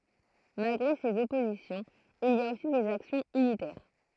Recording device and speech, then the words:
throat microphone, read sentence
Malgré ces oppositions, il y a aussi des actions unitaires.

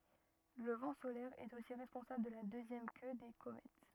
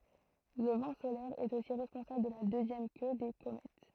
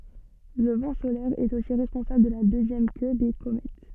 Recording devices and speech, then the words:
rigid in-ear microphone, throat microphone, soft in-ear microphone, read sentence
Le vent solaire est aussi responsable de la deuxième queue des comètes.

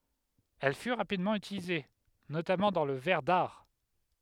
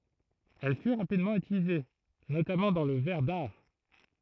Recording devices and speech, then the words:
headset microphone, throat microphone, read sentence
Elle fut rapidement utilisée, notamment dans le verre d'art.

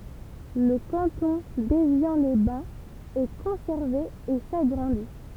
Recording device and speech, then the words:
temple vibration pickup, read sentence
Le canton d'Évian-les-Bains est conservé et s'agrandit.

